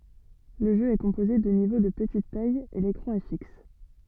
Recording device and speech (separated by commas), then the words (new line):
soft in-ear microphone, read sentence
Le jeu est composé de niveaux de petite taille et l'écran est fixe.